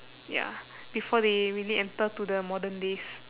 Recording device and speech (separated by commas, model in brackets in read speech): telephone, conversation in separate rooms